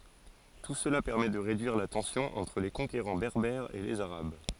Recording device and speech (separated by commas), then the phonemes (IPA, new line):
forehead accelerometer, read sentence
tu səla pɛʁmɛ də ʁedyiʁ la tɑ̃sjɔ̃ ɑ̃tʁ le kɔ̃keʁɑ̃ bɛʁbɛʁz e lez aʁab